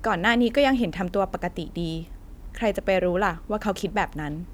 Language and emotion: Thai, neutral